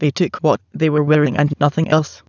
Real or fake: fake